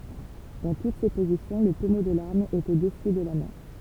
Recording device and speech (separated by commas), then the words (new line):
temple vibration pickup, read sentence
Dans toutes ces positions, le pommeau de l'arme est au-dessus de la main.